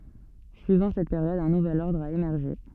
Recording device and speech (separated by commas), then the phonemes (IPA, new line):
soft in-ear microphone, read sentence
syivɑ̃ sɛt peʁjɔd œ̃ nuvɛl ɔʁdʁ a emɛʁʒe